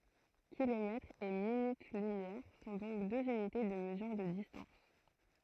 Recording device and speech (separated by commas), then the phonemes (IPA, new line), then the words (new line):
throat microphone, read sentence
kilomɛtʁz e minyt lymjɛʁ sɔ̃ dɔ̃k døz ynite də məzyʁ də distɑ̃s
Kilomètres et minutes-lumière sont donc deux unités de mesure de distance.